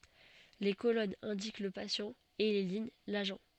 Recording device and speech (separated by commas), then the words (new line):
soft in-ear microphone, read sentence
Les colonnes indiquent le patient, et les lignes l'agent.